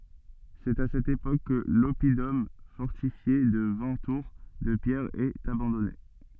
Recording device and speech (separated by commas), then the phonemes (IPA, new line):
soft in-ear microphone, read sentence
sɛt a sɛt epok kə lɔpidɔm fɔʁtifje də vɛ̃ tuʁ də pjɛʁ ɛt abɑ̃dɔne